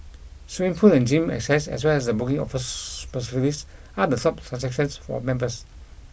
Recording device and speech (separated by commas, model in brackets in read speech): boundary microphone (BM630), read sentence